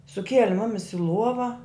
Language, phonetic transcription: Lithuanian, suˈkieli ˈmumis i ˈluova

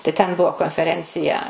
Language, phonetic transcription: Lithuanian, tai ten ˈbuvo konfeˈrencija

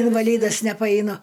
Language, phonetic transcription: Lithuanian, invaˈlydas nepaeiˈnu

